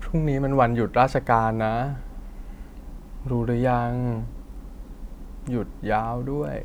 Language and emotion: Thai, frustrated